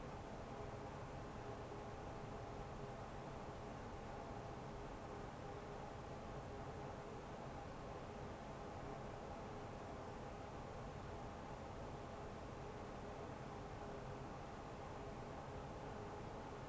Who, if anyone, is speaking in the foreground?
No one.